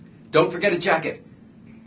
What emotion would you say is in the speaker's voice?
neutral